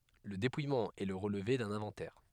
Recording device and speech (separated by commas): headset microphone, read sentence